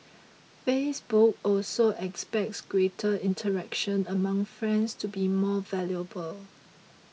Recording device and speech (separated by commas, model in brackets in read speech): mobile phone (iPhone 6), read sentence